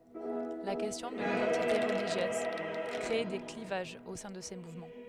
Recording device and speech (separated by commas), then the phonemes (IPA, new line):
headset microphone, read sentence
la kɛstjɔ̃ də lidɑ̃tite ʁəliʒjøz kʁe de klivaʒz o sɛ̃ də se muvmɑ̃